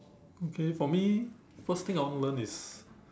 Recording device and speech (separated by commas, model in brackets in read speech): standing microphone, conversation in separate rooms